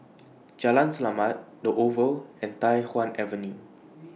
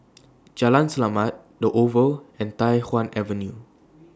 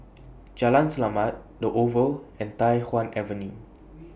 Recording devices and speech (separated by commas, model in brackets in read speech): mobile phone (iPhone 6), standing microphone (AKG C214), boundary microphone (BM630), read sentence